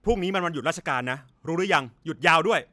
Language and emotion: Thai, angry